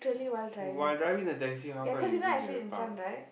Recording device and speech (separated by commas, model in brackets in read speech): boundary microphone, conversation in the same room